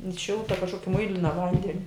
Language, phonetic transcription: Lithuanian, in ˈšilta kažˈkoki ˈmuilina ˈvandeni

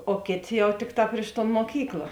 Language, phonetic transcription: Lithuanian, o ˈkėˌtė ˈjau ˈtikˌtā priš ton moˈkykla

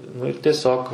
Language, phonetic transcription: Lithuanian, nu ir tieˈsiog

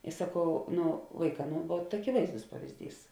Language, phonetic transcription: Lithuanian, i saˈkau ˈnu ˈvaiˌkā ˈnu vuot akiˈvaizdus pavizˈdys

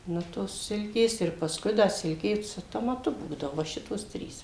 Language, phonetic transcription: Lithuanian, ˈnu tos ˈsilkės ir pasˈkui ˈda ˈsilkė su tomaˈtu ˈbūdavo va ˈšitos ˈtrys

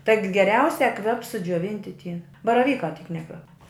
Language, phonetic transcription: Lithuanian, taig geˈriausia ˈkvep sudžiuoˈvinti tie baraˈvykā tyk ˈnekvep

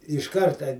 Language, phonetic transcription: Lithuanian, iš ˈkarta

